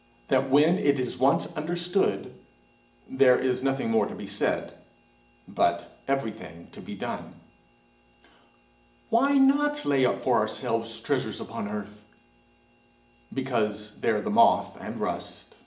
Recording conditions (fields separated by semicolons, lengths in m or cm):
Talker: one person; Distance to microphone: 1.8 m; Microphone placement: close; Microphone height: 1.0 m; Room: large; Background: none